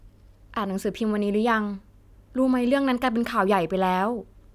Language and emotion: Thai, neutral